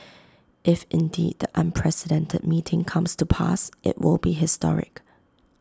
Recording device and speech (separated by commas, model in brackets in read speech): close-talking microphone (WH20), read sentence